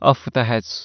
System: none